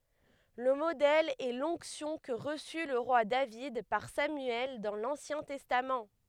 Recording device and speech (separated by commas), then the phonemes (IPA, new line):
headset microphone, read sentence
lə modɛl ɛ lɔ̃ksjɔ̃ kə ʁəsy lə ʁwa david paʁ samyɛl dɑ̃ lɑ̃sjɛ̃ tɛstam